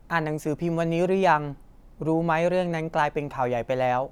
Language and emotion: Thai, neutral